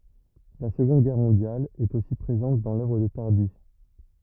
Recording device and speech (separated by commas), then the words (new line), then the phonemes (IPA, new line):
rigid in-ear microphone, read sentence
La Seconde Guerre mondiale est aussi présente dans l'œuvre de Tardi.
la səɡɔ̃d ɡɛʁ mɔ̃djal ɛt osi pʁezɑ̃t dɑ̃ lœvʁ də taʁdi